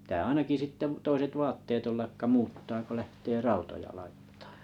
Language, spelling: Finnish, pitää ainakin sitten toiset vaatteet olla jotka muuttaa kun lähtee rautoja laittamaan
- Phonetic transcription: ptää 'ainaki 'sitte 'toiset "vaatteet olla ʲokka 'muuttaa ko 'lähtee "rautoja laittᴀᴀ .

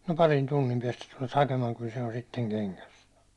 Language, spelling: Finnish, no parin tunnin päästä tulet hakemaan kyllä se on sitten kengässä
- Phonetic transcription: » no "parin 'tunnim piɛstä tulet 'hakemaaŋ kyl se on sitteŋ "keŋkäs . «

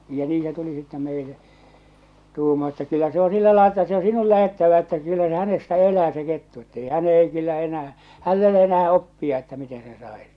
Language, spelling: Finnish, ja niin se tuli sitten meille tuumaa että kyllä se on sillä lailla että se on sinun lähdettävä että kyllä se hänestä elää se kettu että ei hän ei kyllä enää hänellä ei ole enää oppia että miten sen saisi
- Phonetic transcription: ja 'nii se tuli sittɛ 'meile , 'tuumaa että » kyllä se o 'sillä lael ‿että se ‿o 'sinul lähettävä « että kyllä se 'hänestä 'elää se 'kettu ettei 'hä'n ‿ei kyllä 'enää , 'häll ‿e ‿ole enää 'oppia että mite seḛ sàis .

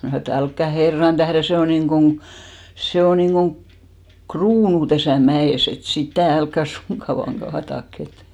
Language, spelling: Finnish, minä sanoin että älkää herran tähden se on niin kuin se on niin kuin kruunu tässä mäessä että sitä älkää suinkaan vain kaatako että
- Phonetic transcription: 'mnä̀ sanò e't‿ » älkkä "herran tähren̬ 'se o niŋɢoŋ , 'se o niŋɢoŋ , "kruunu täsä̀ 'mä₍ès ‿et 'sitä̀ "älkkä 'suŋkka vaaŋ 'ɢaatak ‿et « .

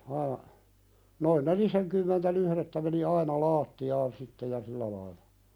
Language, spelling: Finnish, aa noin nelisenkymmentä lyhdettä meni aina lattiaan sitten ja sillä lailla
- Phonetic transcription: aa , noin "neliseŋkymmentä 'lyhðettä meni "aina 'laatti₍aan sitte ja 'sillä lailᴀ .

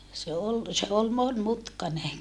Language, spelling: Finnish, se oli se oli monimutkainen
- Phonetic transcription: se ol , se ol monmutkane .

